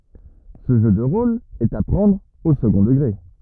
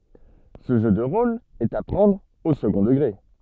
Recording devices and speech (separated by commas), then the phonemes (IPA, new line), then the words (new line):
rigid in-ear microphone, soft in-ear microphone, read sentence
sə ʒø də ʁol ɛt a pʁɑ̃dʁ o səɡɔ̃ dəɡʁe
Ce jeu de rôle est à prendre au second degré.